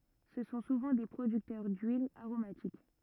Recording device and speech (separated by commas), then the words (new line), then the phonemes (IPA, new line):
rigid in-ear microphone, read sentence
Ce sont souvent des producteurs d'huiles aromatiques.
sə sɔ̃ suvɑ̃ de pʁodyktœʁ dyilz aʁomatik